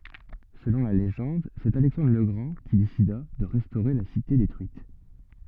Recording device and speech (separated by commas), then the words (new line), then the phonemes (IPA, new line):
soft in-ear microphone, read sentence
Selon la légende, c’est Alexandre le Grand qui décida de restaurer la cité détruite.
səlɔ̃ la leʒɑ̃d sɛt alɛksɑ̃dʁ lə ɡʁɑ̃ ki desida də ʁɛstoʁe la site detʁyit